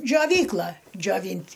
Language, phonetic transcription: Lithuanian, džioˈvykla džioˈvynt'

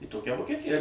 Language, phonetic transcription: Lithuanian, į ˈtokia vokeˈtija

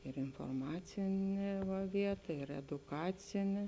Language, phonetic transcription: Lithuanian, ir inforˈmacinė va ˈvieta ir eduˈkacinė

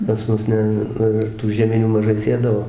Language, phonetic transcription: Lithuanian, pas ˈmus ˈne ˈnu ir tų žieˈminių maˈžai ˈsėdavo

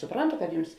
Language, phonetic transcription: Lithuanian, suˈprantu kad ˈjums

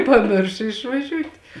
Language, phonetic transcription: Lithuanian, paˈmiršo išvaˈžiūt'

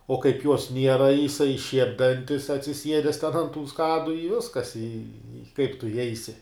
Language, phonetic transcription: Lithuanian, o kaip juos ˈniera jiˈsai šiep' ˈdantis atsiˈsiedes ten ant tų ˈskadu i ˈviskas i i kaip tu iˈjeisi

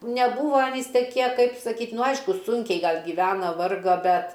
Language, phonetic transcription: Lithuanian, neˈbūva aˈnys teˈkie ˈkaip saˈkyt' nu ˈaišku ˈsunkiai ˈgal gyˈvena ˈvarga ˈbet

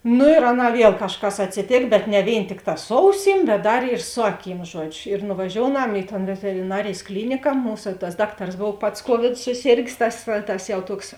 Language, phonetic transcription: Lithuanian, ˈnu ir ˈaˌnā ˈviel kažˈkas atsiˈtėk bet ne ˈvėin ˈtikˌtā ˈsu auˌsym bet ˈdar ir ˈsu aˌkym ˈžuodžiu ir nuvaˈžiouˌnam i ton veteriˈnarėjs ˈklynika ˈmūsa tas ˈdakˌtars ˈbov ˈpats ˈkuovidu suˈsėrgės ˈtas tas jau ˈtuoks

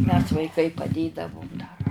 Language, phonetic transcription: Lithuanian, mes vaiˈkai paˈdėdavum dar

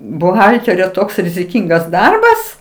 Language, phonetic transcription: Lithuanian, buˈhalterio ˈtoks riziˈkingas ˈdarbas

